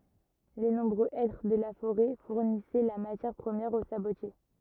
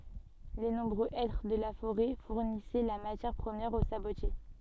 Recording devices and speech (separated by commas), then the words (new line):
rigid in-ear microphone, soft in-ear microphone, read sentence
Les nombreux hêtres de la forêt fournissaient la matière première aux sabotiers.